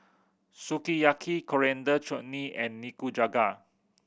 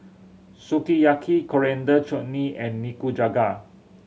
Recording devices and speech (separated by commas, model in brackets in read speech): boundary microphone (BM630), mobile phone (Samsung C7100), read sentence